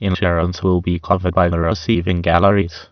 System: TTS, waveform concatenation